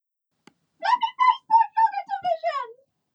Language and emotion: English, sad